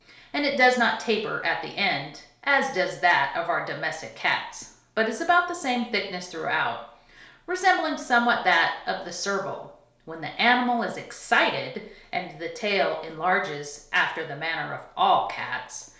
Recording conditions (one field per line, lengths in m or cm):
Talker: one person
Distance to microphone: 1.0 m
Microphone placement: close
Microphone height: 1.1 m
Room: small (3.7 m by 2.7 m)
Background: none